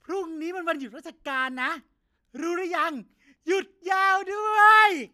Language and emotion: Thai, happy